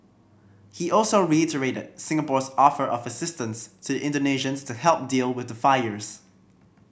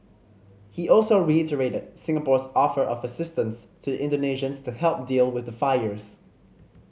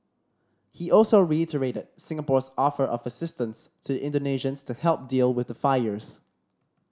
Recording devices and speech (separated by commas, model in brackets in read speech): boundary microphone (BM630), mobile phone (Samsung C5010), standing microphone (AKG C214), read sentence